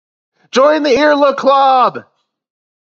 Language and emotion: English, happy